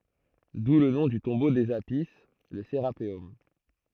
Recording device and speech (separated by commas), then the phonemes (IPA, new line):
throat microphone, read sentence
du lə nɔ̃ dy tɔ̃bo dez api lə seʁapeɔm